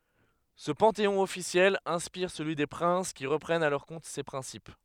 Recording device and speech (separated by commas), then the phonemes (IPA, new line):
headset microphone, read sentence
sə pɑ̃teɔ̃ ɔfisjɛl ɛ̃spiʁ səlyi de pʁɛ̃s ki ʁəpʁɛnt a lœʁ kɔ̃t se pʁɛ̃sip